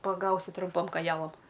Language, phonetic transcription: Lithuanian, paˈgausi trumˈpom koˈjalam

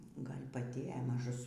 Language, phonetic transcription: Lithuanian, ˈgal' paˈti e maˈžus

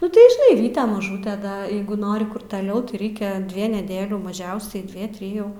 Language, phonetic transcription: Lithuanian, nu tai žiˈnai ˈvyte maˈžūte da ˈjeigu ˈnori kur taˈliau tai ˈreikia ˈdvie neˈdėlių maˈžiausiai ˈdvie ˈtrijų

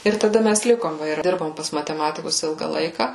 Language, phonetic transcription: Lithuanian, ir taˈda ˈmæs ˈlikom ˈva ir ˈdirbom pas mateˈmatikus ˈilga ˈlaika

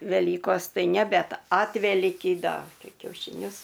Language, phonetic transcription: Lithuanian, veˈlykos ˈtai ne ˈbet ˈatvelykį ˈda ˈtai kiaušiˈnius

